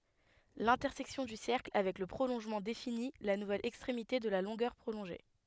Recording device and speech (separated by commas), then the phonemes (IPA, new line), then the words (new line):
headset microphone, read sentence
lɛ̃tɛʁsɛksjɔ̃ dy sɛʁkl avɛk lə pʁolɔ̃ʒmɑ̃ defini la nuvɛl ɛkstʁemite də la lɔ̃ɡœʁ pʁolɔ̃ʒe
L'intersection du cercle avec le prolongement définit la nouvelle extrémité de la longueur prolongée.